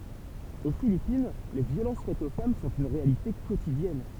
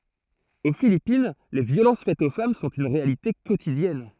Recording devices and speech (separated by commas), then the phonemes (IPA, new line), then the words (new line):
temple vibration pickup, throat microphone, read sentence
o filipin le vjolɑ̃s fɛtz o fam sɔ̃t yn ʁealite kotidjɛn
Aux Philippines, les violences faites aux femmes sont une réalité quotidienne.